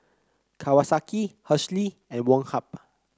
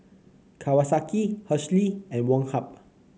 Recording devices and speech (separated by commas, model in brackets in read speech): close-talking microphone (WH30), mobile phone (Samsung C9), read sentence